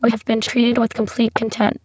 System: VC, spectral filtering